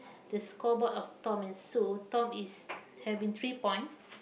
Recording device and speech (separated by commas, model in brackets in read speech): boundary microphone, conversation in the same room